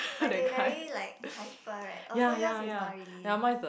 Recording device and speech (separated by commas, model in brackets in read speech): boundary microphone, conversation in the same room